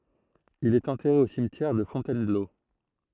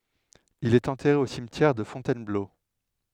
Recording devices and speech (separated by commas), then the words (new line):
throat microphone, headset microphone, read sentence
Il est enterré au cimetière de Fontainebleau.